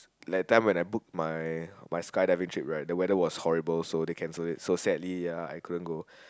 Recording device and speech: close-talking microphone, conversation in the same room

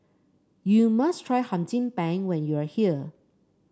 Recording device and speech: standing microphone (AKG C214), read sentence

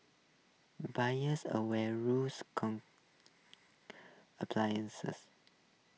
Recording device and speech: mobile phone (iPhone 6), read sentence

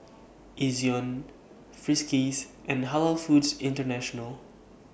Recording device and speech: boundary microphone (BM630), read sentence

